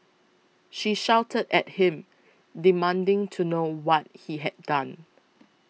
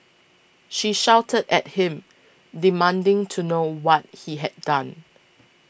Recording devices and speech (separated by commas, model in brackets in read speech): mobile phone (iPhone 6), boundary microphone (BM630), read sentence